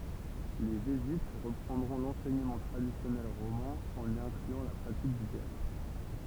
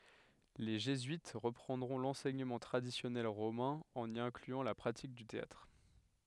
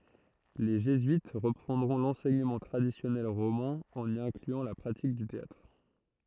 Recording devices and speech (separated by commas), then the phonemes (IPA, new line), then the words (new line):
temple vibration pickup, headset microphone, throat microphone, read sentence
le ʒezyit ʁəpʁɑ̃dʁɔ̃ lɑ̃sɛɲəmɑ̃ tʁadisjɔnɛl ʁomɛ̃ ɑ̃n i ɛ̃klyɑ̃ la pʁatik dy teatʁ
Les jésuites reprendront l'enseignement traditionnel romain, en y incluant la pratique du théâtre.